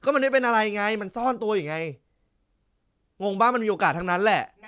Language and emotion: Thai, angry